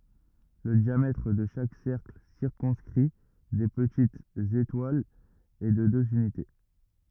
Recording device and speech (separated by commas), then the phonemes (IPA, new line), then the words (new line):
rigid in-ear microphone, read sentence
lə djamɛtʁ də ʃak sɛʁkl siʁkɔ̃skʁi de pətitz etwalz ɛ də døz ynite
Le diamètre de chaque cercle circonscrit des petites étoiles est de deux unités.